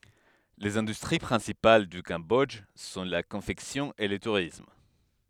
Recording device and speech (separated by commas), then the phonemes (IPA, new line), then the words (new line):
headset microphone, read sentence
lez ɛ̃dystʁi pʁɛ̃sipal dy kɑ̃bɔdʒ sɔ̃ la kɔ̃fɛksjɔ̃ e lə tuʁism
Les industries principales du Cambodge sont la confection et le tourisme.